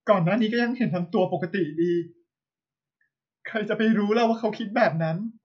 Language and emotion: Thai, sad